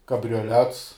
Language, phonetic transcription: Lithuanian, kabrioˈlets

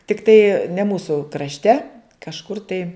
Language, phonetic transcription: Lithuanian, tikˈtai ne ˈmūsu krašˈte kažˈkur tai

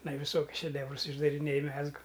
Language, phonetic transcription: Lithuanian, iˈnai viˈsokius šeˈdevrus išdariˈnėj ˈmezgu

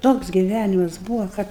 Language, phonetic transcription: Lithuanian, ˈtoks giˈvænimas ˈbūvo kad

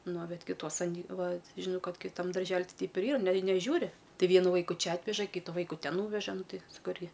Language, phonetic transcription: Lithuanian, no ˈbet kiˈtuos aˈny ˈva ˈžinau ˈkad kiˈtam darˈželi ˈtai ˈteip ir ˈyra nei neˈžiūri ˈtai ˈvienu ˈvaiku ˈčia ˈatveža ˈkytu ˈvaiku ˈten ˈnūveža ˈnu ˈti saˈkau ˈirgi

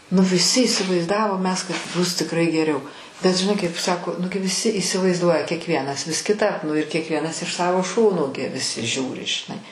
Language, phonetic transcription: Lithuanian, nu viˈsi įsivaizˈdavom ˈmes kad ˈbus tikˈrai geˈriau bet žiˈnai kaip ˈsako ˈnugi viˈsi įsivaizˈduoja kiekˈvienas vis kiˈtap ˈnu ir kiekˈvienas iš ˈsavo ˈšono gi viˈsi ˈžiūri žiˈnai

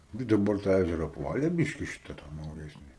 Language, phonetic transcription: Lithuanian, gi daˈbar tą ˈæžera apˈvale ˈbyški ˈšita tą nauˈjesni

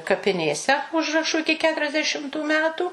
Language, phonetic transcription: Lithuanian, kapiˈnėse ˈužrašu ˈiki ˌketuriasdeˈšimtu ˈmetų

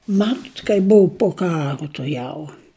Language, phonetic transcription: Lithuanian, ˈmatut kaip ˈbuu po ˈkaru tuˈjau

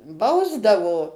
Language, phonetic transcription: Lithuanian, ˈbausdavo

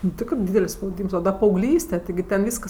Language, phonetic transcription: Lithuanian, nu ˈtikrɜ ˈdydel's' spauˈdyms o da paauˈglyste tiˈgi ten ˈvyskas

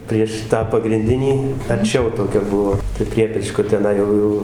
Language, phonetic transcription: Lithuanian, prieš ˈtą pagrinˈdinį arˈčiau toˈkia ˈbuo pri ˈpriepečko teˈnai jau ˈ jau

